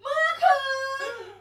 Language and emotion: Thai, happy